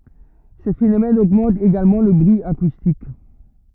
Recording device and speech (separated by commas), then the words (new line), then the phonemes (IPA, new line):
rigid in-ear microphone, read sentence
Ce phénomène augmente également le bruit acoustique.
sə fenomɛn oɡmɑ̃t eɡalmɑ̃ lə bʁyi akustik